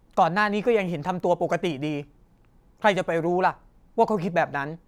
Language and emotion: Thai, frustrated